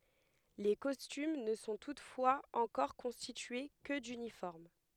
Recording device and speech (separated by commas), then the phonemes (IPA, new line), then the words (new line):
headset microphone, read sentence
le kɔstym nə sɔ̃ tutfwaz ɑ̃kɔʁ kɔ̃stitye kə dynifɔʁm
Les costumes ne sont toutefois encore constitués que d'uniformes.